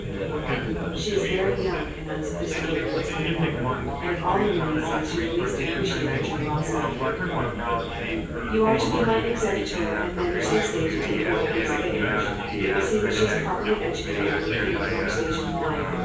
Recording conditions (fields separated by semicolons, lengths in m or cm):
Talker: one person; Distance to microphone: 9.8 m; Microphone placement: far; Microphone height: 1.8 m; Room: large; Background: babble